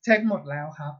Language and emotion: Thai, neutral